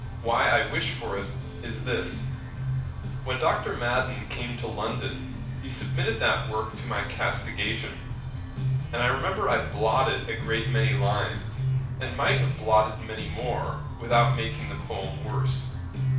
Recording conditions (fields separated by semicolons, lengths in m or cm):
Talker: one person; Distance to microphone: 5.8 m; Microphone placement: far; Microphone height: 1.8 m; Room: medium-sized (5.7 m by 4.0 m); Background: music